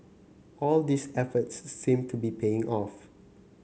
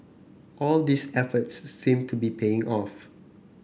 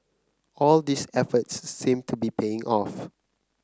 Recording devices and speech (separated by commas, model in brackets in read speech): mobile phone (Samsung C9), boundary microphone (BM630), close-talking microphone (WH30), read sentence